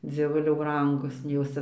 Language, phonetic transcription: Lithuanian, dzieˈvuliau ˈbrangus nei ˈjos cia

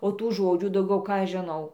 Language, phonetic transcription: Lithuanian, o ˈtų ˈžodžių dauˈgiau ˈką aš žiˈnau

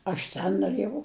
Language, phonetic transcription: Lithuanian, ˈaš ten noˈrėjau

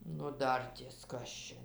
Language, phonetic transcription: Lithuanian, nu ˈdarties ˈkas čia

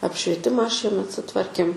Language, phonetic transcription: Lithuanian, apšvieˈtimą ˈšiemet suˈtvarkėm

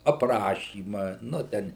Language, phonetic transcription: Lithuanian, apˈrašyma ˈnu ˈten

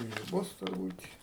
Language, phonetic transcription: Lithuanian, i ˈbus turˈbūt'

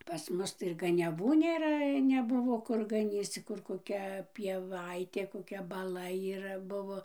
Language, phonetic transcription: Lithuanian, pas ˈmus ˈtai ir ganiaˈvų nėˈra neˈbuvo ˈkur gaˈnyc cik ˈkur koˈkia pieˈvaitė koˈkia baˈla yˈra ˈbuvo

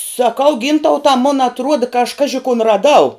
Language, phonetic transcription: Lithuanian, saˈkau ˈgyntauta mun atˈruoda ka aš ˈkaži kun raˈdau

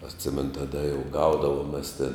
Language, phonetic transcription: Lithuanian, atˈsimenu taˈda jau ˈgaudavom mes tin

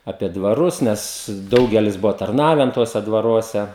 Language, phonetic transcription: Lithuanian, apie dvaˈrus ˈnes ˈdaugelis ˈbuvo tarˈnaven ˈtuose dvaˈruose

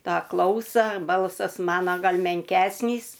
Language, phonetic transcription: Lithuanian, ˈtą ˈklausa ˈbalsas ˈmano ˈgal menˈkesnys

